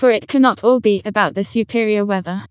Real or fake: fake